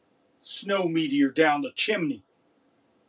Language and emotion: English, angry